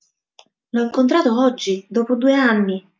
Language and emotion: Italian, neutral